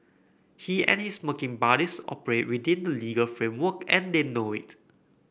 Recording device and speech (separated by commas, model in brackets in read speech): boundary microphone (BM630), read sentence